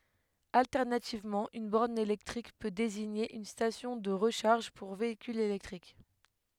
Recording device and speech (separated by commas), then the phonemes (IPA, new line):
headset microphone, read sentence
altɛʁnativmɑ̃ yn bɔʁn elɛktʁik pø deziɲe yn stasjɔ̃ də ʁəʃaʁʒ puʁ veikylz elɛktʁik